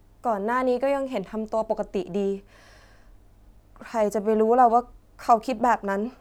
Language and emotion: Thai, sad